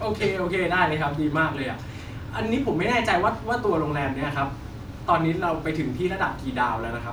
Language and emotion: Thai, happy